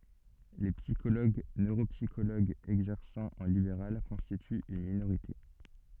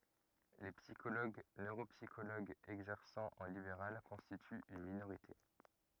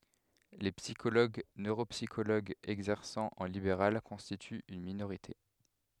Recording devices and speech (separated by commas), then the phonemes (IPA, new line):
soft in-ear microphone, rigid in-ear microphone, headset microphone, read sentence
le psikoloɡ nøʁopsikoloɡz ɛɡzɛʁsɑ̃ ɑ̃ libeʁal kɔ̃stityt yn minoʁite